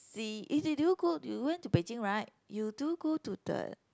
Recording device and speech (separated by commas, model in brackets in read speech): close-talking microphone, conversation in the same room